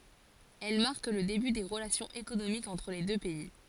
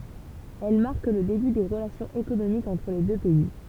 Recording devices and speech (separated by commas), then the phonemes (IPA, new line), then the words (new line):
forehead accelerometer, temple vibration pickup, read sentence
ɛl maʁk lə deby de ʁəlasjɔ̃z ekonomikz ɑ̃tʁ le dø pɛi
Elles marquent le début des relations économiques entre les deux pays.